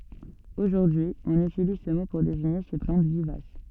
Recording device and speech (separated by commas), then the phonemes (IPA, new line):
soft in-ear microphone, read sentence
oʒuʁdyi ɔ̃n ytiliz sə mo puʁ deziɲe se plɑ̃t vivas